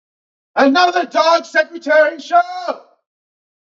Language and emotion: English, angry